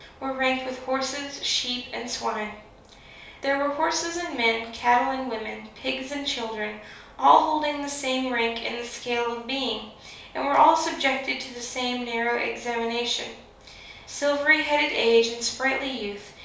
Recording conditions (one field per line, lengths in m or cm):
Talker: one person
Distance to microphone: 3.0 m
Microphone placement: far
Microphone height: 1.8 m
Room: small (3.7 m by 2.7 m)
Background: none